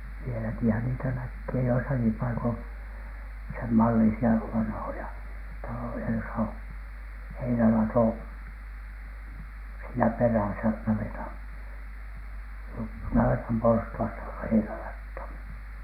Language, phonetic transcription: Finnish, vieläkihän niitä näkkee 'joisaki 'paikon , semmallisi₍a "vanhoja , 'taloja josa o- , "heinälatò , siinä perä̀sä , 'navetaN , 'navetam porstu₍asta tulLEE heinälat̀h̆on .
- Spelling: vieläkinhän niitä näkee joissakin paikoin senmallisia vanhoja taloja jossa - heinälato siinä perässä navetan navetan porstuasta tulee heinälatoon

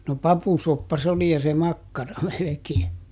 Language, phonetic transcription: Finnish, no "papusoppa s ‿oli ja se "makkara melekee .
- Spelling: no papusoppa se oli ja se makkara melkein

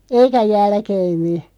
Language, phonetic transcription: Finnish, eikä 'jälkeemmi .
- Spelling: eikä jälkeemmin

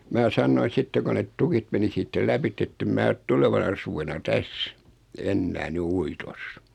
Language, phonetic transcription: Finnish, mää 'sannoin̬ 'sitte ko net 'tukit meni 'siittä "läpitt ‿ettem 'mää ᵒt "tulevana 'suvena "täs , 'ennää 'ny "uitos .
- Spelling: minä sanoin sitten kun ne tukit meni siitä lävitse että en minä ole tulevana suvena tässä enää nyt uitossa

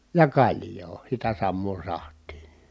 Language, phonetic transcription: Finnish, ja kaĺjoo sitä sammoo saht̀ii .
- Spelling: ja kaljaa sitä samaa sahtia

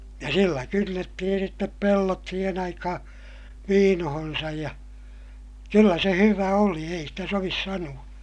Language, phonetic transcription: Finnish, ja sillä kynnettihin̬ sittep pellot siihen ‿aikahaa̰ , viinohonsaj ja , kyllä se hyvä oli ei stä sovis sanu₍a .
- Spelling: ja sillä kynnettiin sitten pellot siihen aikaan viinoonsa ja kyllä se hyvä oli ei sitä sovi sanoa

